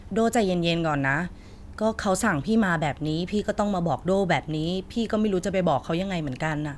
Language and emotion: Thai, frustrated